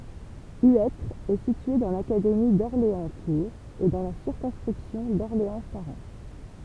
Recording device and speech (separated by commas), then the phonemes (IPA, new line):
temple vibration pickup, read sentence
yɛtʁ ɛ sitye dɑ̃ lakademi dɔʁleɑ̃stuʁz e dɑ̃ la siʁkɔ̃skʁipsjɔ̃ dɔʁleɑ̃saʁɑ̃